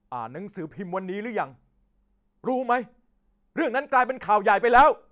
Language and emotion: Thai, angry